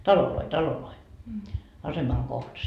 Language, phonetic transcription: Finnish, "taloloi "taloloi , 'asemaŋ kohtas .
- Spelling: taloja taloja aseman kohdassa

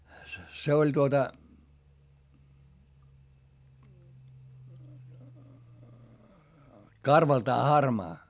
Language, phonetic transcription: Finnish, se oĺ tuota , karvaltaa harmaa .
- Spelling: se oli tuota karvaltaan harmaa

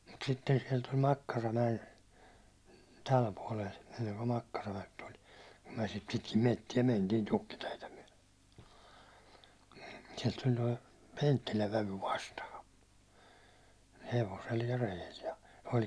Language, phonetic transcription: Finnish, mut sitten siɛl tul 'Makkaramäʲen , 'täl puålel , enneŋko 'Makkaramäk tul , kum myäₒ sit pitkim 'mettie 'mentiin 'tukkiteitä myäₒʟᴇ , siɛlt tuĺ 'toi , "Penttiläv 'vävy vastaha , 'hevosel ja 'rejel ja , o1 .
- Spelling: mutta sitten siellä tuli Makkaramäen tälle puolelle ennen kuin Makkaramäki tuli kun me sitten pitkin metsiä mentiin tukkiteitä myöten sieltä tuli tuo Penttilän vävy vastaan hevosella ja reellä ja oli

